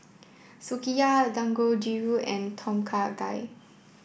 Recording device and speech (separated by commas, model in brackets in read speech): boundary microphone (BM630), read sentence